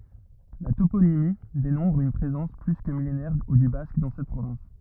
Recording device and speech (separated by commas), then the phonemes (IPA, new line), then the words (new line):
rigid in-ear microphone, read sentence
la toponimi demɔ̃tʁ yn pʁezɑ̃s ply kə milenɛʁ dy bask dɑ̃ sɛt pʁovɛ̃s
La toponymie démontre une présence plus que millénaire du basque dans cette province.